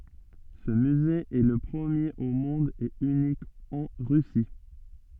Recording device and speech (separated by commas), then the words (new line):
soft in-ear microphone, read sentence
Ce musée est le premier au monde et unique en Russie.